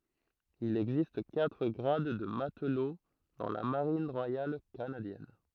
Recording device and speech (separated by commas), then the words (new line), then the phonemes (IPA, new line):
throat microphone, read sentence
Il existe quatre grades de matelot dans la Marine royale canadienne.
il ɛɡzist katʁ ɡʁad də matlo dɑ̃ la maʁin ʁwajal kanadjɛn